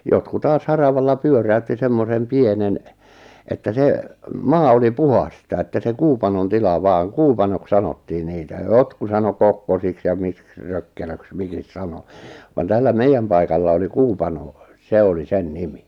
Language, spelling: Finnish, jotkut taas haravalla pyöräytti semmoisen pienen että se maa oli puhdasta että se kuupanon tila vaan kuupanoksi sanottiin niitä ja jotkut sanoi kokkosiksi ja miksi rökkelöksi miksi sanoi vaan tällä meidän paikalla oli kuupano se oli sen nimi
- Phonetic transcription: 'jotku 'taas "haravalla 'pyörä₍ytti 'semmosem 'pienen , että 'se , "maa oli 'puhasta että se 'kuupanon 'tila 'vaaŋ "kuupanok 'sanottii 'niitä ʿjaʾ 'jotku 'sano "kokkosiks ja 'miks "rökkelöks 'mikis "sano , van 'tällä "meijjäm paikalla oli "kuu'panò , "se oli 'sen "nimi .

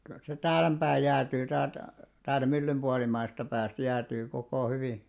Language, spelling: Finnish, kyllä se täällempää jäätyy täältä täältä myllyn puolimmaisesta päästä jäätyy koko hyvin
- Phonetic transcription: kyl se 'täälemʙää jäätyy 'täält , täältä 'myllym ʙualim̆maisesta 'pääst 'jäätyy kokò 'hyvì .

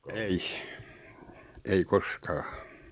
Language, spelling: Finnish, ei ei koskaan
- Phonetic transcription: eih , 'ei "kos'kaa .

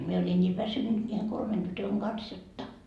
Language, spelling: Finnish, minä olin niin väsynyt niiden kolmen tytön kanssa jotta
- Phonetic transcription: mie oĺin ńii "väsynnyt ńiiheŋ 'kolmen tytöŋ Gans 'jotta .

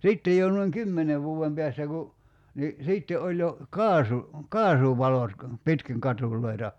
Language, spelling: Finnish, sitten jo noin kymmenen vuoden päästä kun niin sitten oli jo - kaasuvalot - pitkin katuja
- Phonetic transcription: 'sìttej jo nuiŋ "kymmene 'vuu₍em peästä ku , ni , 'sìtte oĺ jo , "kaasu- , "kaasuvalot ka- , 'pitkiŋ katùl̀oi̬ta .

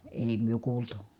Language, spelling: Finnish, ei me kuultu
- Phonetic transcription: èi myö kuultu .

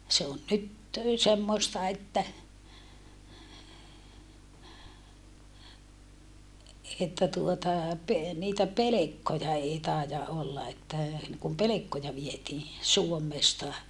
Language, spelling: Finnish, se on nyt semmoista että että tuota - niitä pelkkoja ei taida olla että niin kuin pelkkoja vietiin Suomesta
- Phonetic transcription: se on nyt , semmoⁱsta että , että tuota , pe- , niitä pelekkoja èi tàija ʼolla että , niŋ kum pelekkoja vietii , Suommesta .

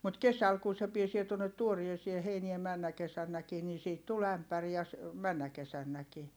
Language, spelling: Finnish, mutta kesällä kun se pääsee tuonne tuoreeseen heinään menneenä kesänäkin niin siitä tuli ämpäri ja ja - menneenä kesänäkin
- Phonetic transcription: mut kesäl kun̬ se piesie tuonnet tuoriesie heinie männä kesännäkii nii siit tul ‿ämpär ja ja ‿s- , männä kesännäki .

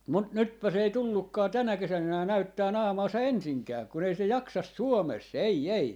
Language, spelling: Finnish, mutta nytpäs ei tullutkaan tänä kesänä enää näyttämään naamaansa ensinkään kun ei se jaksa Suomessa ei ei
- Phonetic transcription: 'mut 'nytpä's ‿ei "tullukkaa "tänä 'kesän 'enää 'näyttää "naamaasa "ensiŋkää , kun ‿ei se 'jaksas "Suomes , 'ei 'ei .

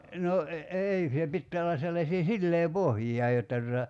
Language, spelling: Finnish, no no - ei se pitää olla sellaisia sileäpohjia jotta tuota
- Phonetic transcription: no , no , e- 'ei se 'pittää olla sellasii "sillee"pohjija jotta tuta ,.

